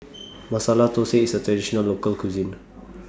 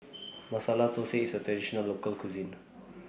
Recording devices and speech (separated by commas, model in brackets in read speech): standing microphone (AKG C214), boundary microphone (BM630), read sentence